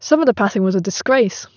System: none